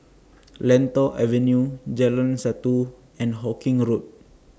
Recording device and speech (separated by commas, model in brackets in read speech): standing microphone (AKG C214), read sentence